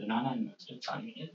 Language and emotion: English, surprised